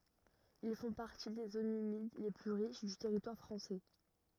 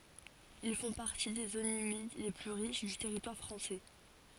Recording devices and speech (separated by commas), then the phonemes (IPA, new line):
rigid in-ear microphone, forehead accelerometer, read sentence
il fɔ̃ paʁti de zonz ymid le ply ʁiʃ dy tɛʁitwaʁ fʁɑ̃sɛ